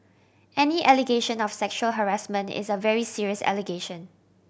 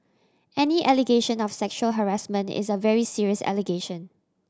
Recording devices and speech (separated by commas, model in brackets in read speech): boundary microphone (BM630), standing microphone (AKG C214), read sentence